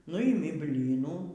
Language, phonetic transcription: Lithuanian, ˈnuimi ˈblynų

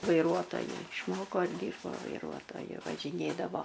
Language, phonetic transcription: Lithuanian, vaiˈruotoju išˈmoko ir ˈdyrbo vaiˈruotoju važiˈnėdavo

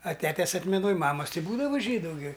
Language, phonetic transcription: Lithuanian, a ˈtetes atmeˈnoj ˈmamas ti ˈbūdava ˈžydu gi

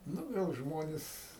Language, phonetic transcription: Lithuanian, ˈnu ˈgal ˈžmonis

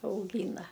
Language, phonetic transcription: Lithuanian, auˈgyna

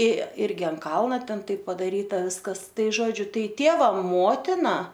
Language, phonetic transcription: Lithuanian, i ˈirgi ant ˈkalna ˈten ˈtaip padaˈryta ˈviskas ˈtai ˈžodžiu ˈtai ˈtėva ˈmotina

